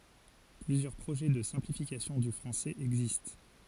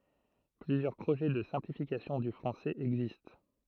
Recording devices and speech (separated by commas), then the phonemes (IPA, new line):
forehead accelerometer, throat microphone, read sentence
plyzjœʁ pʁoʒɛ də sɛ̃plifikasjɔ̃ dy fʁɑ̃sɛz ɛɡzist